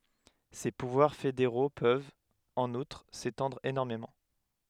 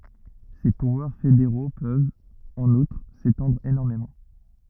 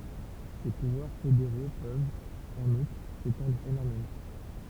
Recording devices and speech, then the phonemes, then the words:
headset microphone, rigid in-ear microphone, temple vibration pickup, read sentence
se puvwaʁ fedeʁo pøvt ɑ̃n utʁ setɑ̃dʁ enɔʁmemɑ̃
Ces pouvoirs fédéraux peuvent, en outre, s'étendre énormément.

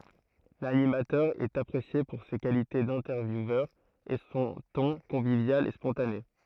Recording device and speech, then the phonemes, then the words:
throat microphone, read sentence
lanimatœʁ ɛt apʁesje puʁ se kalite dɛ̃tɛʁvjuvœʁ e sɔ̃ tɔ̃ kɔ̃vivjal e spɔ̃tane
L'animateur est apprécié pour ses qualités d'intervieweur, et son ton convivial et spontané.

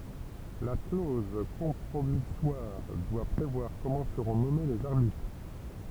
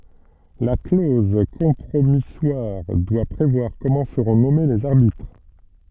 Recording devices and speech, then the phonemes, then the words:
temple vibration pickup, soft in-ear microphone, read sentence
la kloz kɔ̃pʁomiswaʁ dwa pʁevwaʁ kɔmɑ̃ səʁɔ̃ nɔme lez aʁbitʁ
La clause compromissoire doit prévoir comment seront nommés les arbitres.

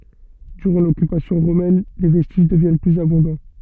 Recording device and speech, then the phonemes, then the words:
soft in-ear microphone, read sentence
dyʁɑ̃ lɔkypasjɔ̃ ʁomɛn le vɛstiʒ dəvjɛn plyz abɔ̃dɑ̃
Durant l'occupation romaine, les vestiges deviennent plus abondants.

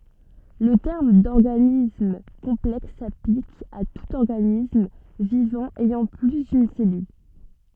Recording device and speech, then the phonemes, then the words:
soft in-ear microphone, read sentence
lə tɛʁm dɔʁɡanism kɔ̃plɛks saplik a tut ɔʁɡanism vivɑ̃ ɛjɑ̃ ply dyn sɛlyl
Le terme d'organisme complexe s'applique à tout organisme vivant ayant plus d'une cellule.

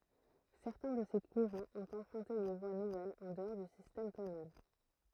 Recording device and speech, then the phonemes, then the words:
throat microphone, read sentence
sɛʁtɛ̃ də se kuʁɑ̃z ɔ̃t ɑ̃pʁœ̃te de vwa nuvɛlz ɑ̃ dəɔʁ dy sistɛm tonal
Certains de ces courants ont emprunté des voies nouvelles en dehors du système tonal.

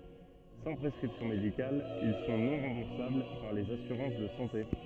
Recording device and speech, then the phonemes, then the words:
soft in-ear microphone, read sentence
sɑ̃ pʁɛskʁipsjɔ̃ medikal il sɔ̃ nɔ̃ ʁɑ̃buʁsabl paʁ lez asyʁɑ̃s də sɑ̃te
Sans prescription médicale, ils sont non remboursables par les assurances de santé.

